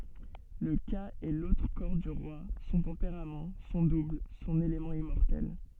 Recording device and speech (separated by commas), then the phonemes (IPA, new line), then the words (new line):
soft in-ear microphone, read sentence
lə ka ɛ lotʁ kɔʁ dy ʁwa sɔ̃ tɑ̃peʁam sɔ̃ dubl sɔ̃n elemɑ̃ immɔʁtɛl
Le Ka est l'autre corps du roi, son tempérament, son double, son élément immortel.